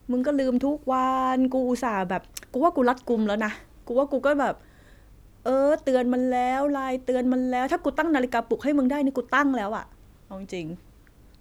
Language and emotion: Thai, frustrated